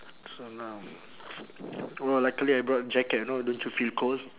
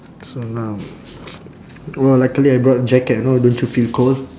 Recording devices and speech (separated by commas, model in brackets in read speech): telephone, standing microphone, conversation in separate rooms